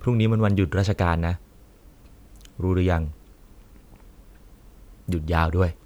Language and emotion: Thai, neutral